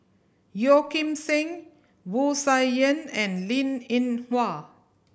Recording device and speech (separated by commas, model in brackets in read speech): boundary microphone (BM630), read sentence